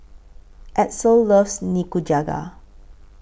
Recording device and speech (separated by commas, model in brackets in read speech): boundary microphone (BM630), read sentence